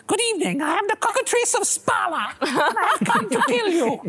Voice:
cartoony voice